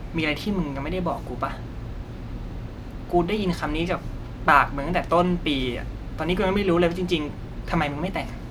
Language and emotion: Thai, frustrated